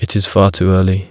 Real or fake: real